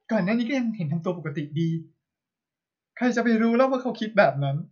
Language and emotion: Thai, sad